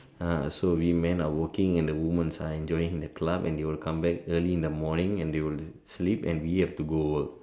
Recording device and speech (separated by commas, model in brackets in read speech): standing microphone, conversation in separate rooms